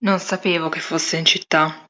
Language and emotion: Italian, neutral